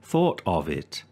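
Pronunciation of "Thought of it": In 'thought of it', 'of' is said in its strong form rather than its weak form, and this sounds wrong.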